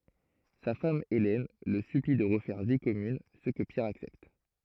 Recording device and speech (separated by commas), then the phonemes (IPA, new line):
throat microphone, read sentence
sa fam elɛn lə sypli də ʁəfɛʁ vi kɔmyn sə kə pjɛʁ aksɛpt